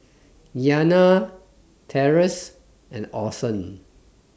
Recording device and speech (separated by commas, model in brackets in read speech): standing microphone (AKG C214), read sentence